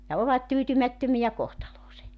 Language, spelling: Finnish, ja ovat tyytymättömiä kohtaloonsa
- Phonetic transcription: ja 'ovat "tyytymättömijä 'kohtaloose .

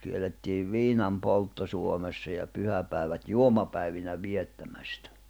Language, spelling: Finnish, kiellettiin viinanpoltto Suomessa ja pyhäpäivät juomapäivinä viettämästä
- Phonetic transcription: kiel̆lettiiv 'viinam'poltto Suomessa ja 'pyhäpä̀i̬vät "juomapäivinä 'viettämästᴀ̈ .

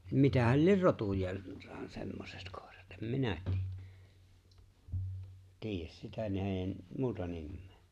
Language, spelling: Finnish, mitähän lie rotujaan semmoiset koirat en minä - tiedä sitä näiden muuta nimeä
- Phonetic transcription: 'mitähäl "lier 'rotuj̀aa , 'semmosᴇᴛ kᴏ̀ᴇʀᴀt , em "minä ti- , 'tiijäs sitä 'n(äi̬j)em , "muuta 'nimmee .

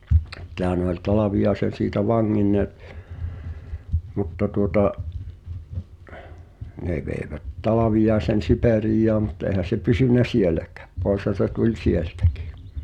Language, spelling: Finnish, sittenhän ne oli Talviaisen siitä vanginneet mutta tuota ne veivät Talviaisen Siperiaan mutta eihän se pysynyt sielläkään poishan se tuli sieltäkin
- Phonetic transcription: '[sit]t̀ehä ne ‿oĺ 'Talaviʲaesen̬ siitä "vaŋŋinn(e) , 'mutta tuota’ , 'nè vèi̬vät 'Talaviʲaesen̬ "Sipèriij̆jaa mut eĭhän̬ se 'pysyn̆nä "sieläkᴀ̈ᴀ̈ , 'p̀oi̬shan̬ se tuĺ "sieltäkɪɪ .

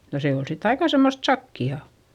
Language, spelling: Finnish, no se oli sitten aika semmoista sakeaa
- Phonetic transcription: no se ol sit aika semmost sakki₍à .

